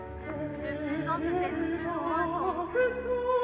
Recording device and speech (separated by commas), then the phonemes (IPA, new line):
rigid in-ear microphone, read sentence
lə fyzɛ̃ pøt ɛtʁ ply u mwɛ̃ tɑ̃dʁ